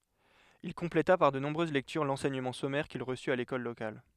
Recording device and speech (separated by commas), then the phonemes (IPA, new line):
headset microphone, read sentence
il kɔ̃pleta paʁ də nɔ̃bʁøz lɛktyʁ lɑ̃sɛɲəmɑ̃ sɔmɛʁ kil ʁəsy a lekɔl lokal